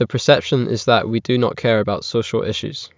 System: none